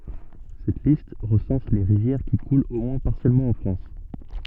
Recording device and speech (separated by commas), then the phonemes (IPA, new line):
soft in-ear microphone, read sentence
sɛt list ʁəsɑ̃s le ʁivjɛʁ ki kult o mwɛ̃ paʁsjɛlmɑ̃ ɑ̃ fʁɑ̃s